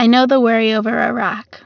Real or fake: real